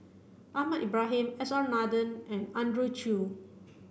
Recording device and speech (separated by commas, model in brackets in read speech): boundary microphone (BM630), read sentence